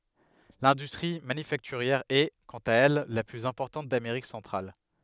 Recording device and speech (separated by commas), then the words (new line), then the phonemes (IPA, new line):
headset microphone, read sentence
L'industrie manufacturière est, quant à elle, la plus importante d'Amérique centrale.
lɛ̃dystʁi manyfaktyʁjɛʁ ɛ kɑ̃t a ɛl la plyz ɛ̃pɔʁtɑ̃t dameʁik sɑ̃tʁal